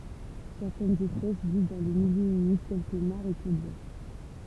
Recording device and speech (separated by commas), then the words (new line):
temple vibration pickup, read sentence
Certaines espèces vivent dans les milieux humides tels que mares et tourbières.